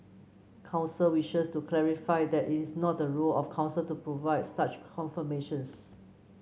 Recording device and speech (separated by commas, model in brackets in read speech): mobile phone (Samsung C9), read sentence